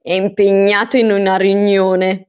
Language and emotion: Italian, disgusted